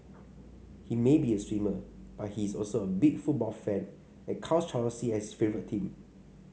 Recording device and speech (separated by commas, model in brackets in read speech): mobile phone (Samsung C5), read sentence